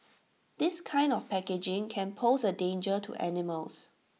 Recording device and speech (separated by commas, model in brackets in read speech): mobile phone (iPhone 6), read sentence